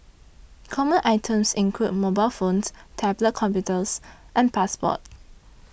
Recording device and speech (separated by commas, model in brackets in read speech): boundary microphone (BM630), read sentence